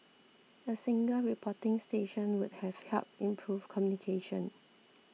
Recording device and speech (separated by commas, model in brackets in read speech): mobile phone (iPhone 6), read sentence